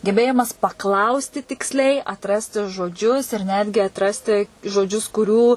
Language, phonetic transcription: Lithuanian, geˈbėjimas paˈklausti tiksˈliai atˈrasti žoˈdžius ir ˈnetgi atˈrasti žoˈdžius kuˈrių

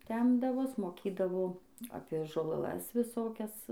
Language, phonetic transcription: Lithuanian, ˈtempdavos moˈkydavo ˈapė žolaˈlas viˈsokias

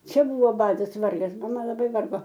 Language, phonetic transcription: Lithuanian, ˈčia ˈbuvo ˈbadas ˈvargas maˈma laˈbai ˈvargo

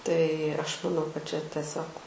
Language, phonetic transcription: Lithuanian, tai ˈaš maˈnau kad čia teˈsiog

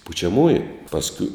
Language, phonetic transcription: Lithuanian, pučiaˈmųju pasˈkiu

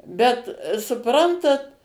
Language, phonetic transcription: Lithuanian, bet suˈprantat

